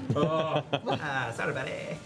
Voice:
funny voice